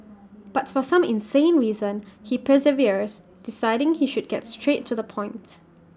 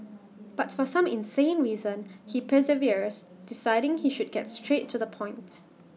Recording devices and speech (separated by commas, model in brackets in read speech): standing microphone (AKG C214), mobile phone (iPhone 6), read sentence